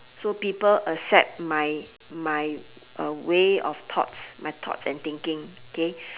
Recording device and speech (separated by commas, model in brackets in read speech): telephone, conversation in separate rooms